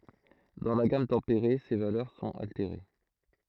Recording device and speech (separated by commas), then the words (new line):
throat microphone, read sentence
Dans la gamme tempérée, ces valeurs sont altérées.